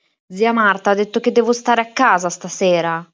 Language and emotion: Italian, angry